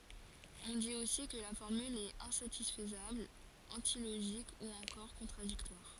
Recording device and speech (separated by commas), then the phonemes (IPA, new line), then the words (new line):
forehead accelerometer, read sentence
ɔ̃ dit osi kə la fɔʁmyl ɛt ɛ̃satisfəzabl ɑ̃tiloʒik u ɑ̃kɔʁ kɔ̃tʁadiktwaʁ
On dit aussi que la formule est insatisfaisable, antilogique ou encore contradictoire.